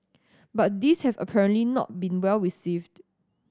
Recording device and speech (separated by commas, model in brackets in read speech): standing microphone (AKG C214), read sentence